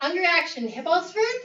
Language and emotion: English, neutral